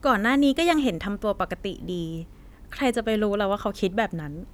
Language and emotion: Thai, neutral